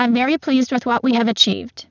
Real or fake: fake